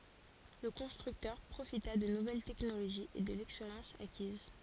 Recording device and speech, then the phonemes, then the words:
forehead accelerometer, read sentence
lə kɔ̃stʁyktœʁ pʁofita də nuvɛl tɛknoloʒiz e də lɛkspeʁjɑ̃s akiz
Le constructeur profita de nouvelles technologies et de l'expérience acquise.

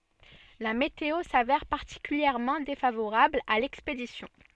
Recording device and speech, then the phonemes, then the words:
soft in-ear microphone, read sentence
la meteo savɛʁ paʁtikyljɛʁmɑ̃ defavoʁabl a lɛkspedisjɔ̃
La météo s’avère particulièrement défavorable à l’expédition.

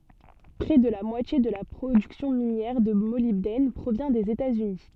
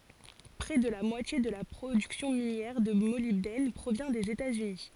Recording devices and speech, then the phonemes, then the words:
soft in-ear microphone, forehead accelerometer, read sentence
pʁɛ də la mwatje də la pʁodyksjɔ̃ minjɛʁ də molibdɛn pʁovjɛ̃ dez etaz yni
Près de la moitié de la production minière de molybdène provient des États-Unis.

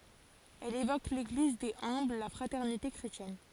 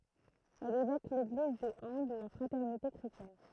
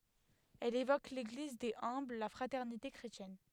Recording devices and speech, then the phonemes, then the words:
forehead accelerometer, throat microphone, headset microphone, read sentence
ɛl evok leɡliz dez œ̃bl la fʁatɛʁnite kʁetjɛn
Elle évoque l'Église des humbles, la fraternité chrétienne.

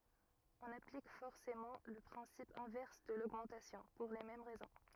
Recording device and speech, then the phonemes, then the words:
rigid in-ear microphone, read sentence
ɔ̃n aplik fɔʁsemɑ̃ lə pʁɛ̃sip ɛ̃vɛʁs də loɡmɑ̃tasjɔ̃ puʁ le mɛm ʁɛzɔ̃
On applique forcément le principe inverse de l'augmentation, pour les mêmes raisons.

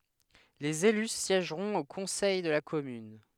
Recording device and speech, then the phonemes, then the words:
headset microphone, read sentence
lez ely sjɛʒʁɔ̃t o kɔ̃sɛj də la kɔmyn
Les élus siègeront au Conseil de la Commune.

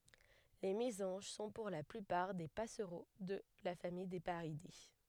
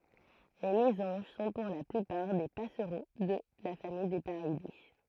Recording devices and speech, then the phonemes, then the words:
headset microphone, throat microphone, read sentence
le mezɑ̃ʒ sɔ̃ puʁ la plypaʁ de pasʁo də la famij de paʁide
Les mésanges sont pour la plupart des passereaux de la famille des Paridés.

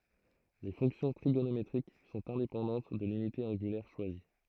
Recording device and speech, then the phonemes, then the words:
throat microphone, read sentence
le fɔ̃ksjɔ̃ tʁiɡonometʁik sɔ̃t ɛ̃depɑ̃dɑ̃t də lynite ɑ̃ɡylɛʁ ʃwazi
Les fonctions trigonométriques sont indépendantes de l’unité angulaire choisie.

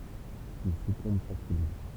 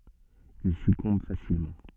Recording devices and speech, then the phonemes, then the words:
temple vibration pickup, soft in-ear microphone, read sentence
il sykɔ̃b fasilmɑ̃
Il succombe facilement.

